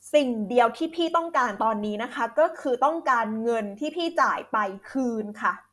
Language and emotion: Thai, frustrated